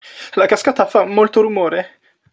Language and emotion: Italian, fearful